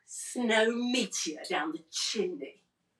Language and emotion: English, disgusted